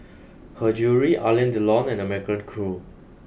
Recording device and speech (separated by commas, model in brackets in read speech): boundary microphone (BM630), read sentence